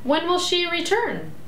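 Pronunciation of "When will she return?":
'When will she return?' is said with a rising intonation.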